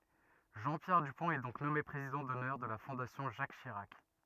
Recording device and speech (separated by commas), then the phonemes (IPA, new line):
rigid in-ear microphone, read sentence
ʒɑ̃ pjɛʁ dypɔ̃t ɛ dɔ̃k nɔme pʁezidɑ̃ dɔnœʁ də la fɔ̃dasjɔ̃ ʒak ʃiʁak